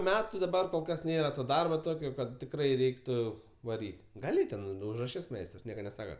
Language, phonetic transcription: Lithuanian, ˈmetu daˈbar kol ˈkas ˈnėra ˈto ˈdarbo ˈtokio ˈkad tikˈrai ˈreiktu vaˈryt' gaˈli ten užraˈšis ˈmeistrs ˈnieka neˈsaka

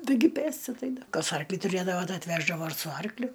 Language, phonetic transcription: Lithuanian, ˈtaigi ˈpėsti atˈeida ˈkas ˈarklį tuˈrėdavo ˈtai atˈveždavo su ˈarkliu

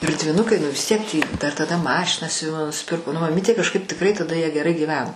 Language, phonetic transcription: Lithuanian, ir dviˈnukai nu vis ˈtiek tį ˈdar taˈda ˈmašiną siuˈvimo nusiˈpirko nu maˈmytė kažˈkaip tikˈrai taˈda jie geˈrai gyˈveno

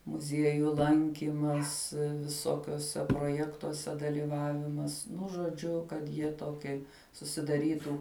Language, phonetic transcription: Lithuanian, muˈzieju ˈlankymas viˈsokiuose proˈjektuose dalyˈvavimas nu žoˈdžiu kad ˈjie ˈtokie susidaˈrytu

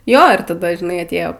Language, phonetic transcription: Lithuanian, ˈjo ir taˈda žiˈnai atˈėjo

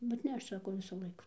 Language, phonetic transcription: Lithuanian, bet ˈne aš ˈsako ˈvisu ˈlaiku

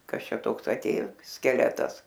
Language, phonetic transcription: Lithuanian, ˈkas ˈčia ˈtoks aˈtėjo skeˈletas

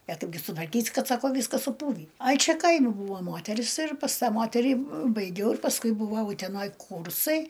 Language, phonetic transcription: Lithuanian, a ˈtu gi sutvarˈkysi ˈkad ˈsako ˈvyskas suˈpūvį ˈai ˈčia ˈkaimi ˈbūvo ˈmoteris ir pas ˈtą ˈmoterį baiˈgiau ir pasˈkui buˈvau uteˈnoj ˈkūrsai

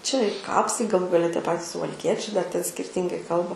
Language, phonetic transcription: Lithuanian, čia i ˈkapsai gaˈlų gaˈle tie ˈpatis suvalˈkiečiai dar ten skirˈtingai ˈkalba

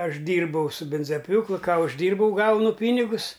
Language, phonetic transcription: Lithuanian, ˈaš ˈdyrbau su ˈbinzaˈpjūklu ˈką užˈdyrbau ˈgaunu ˈpynigus

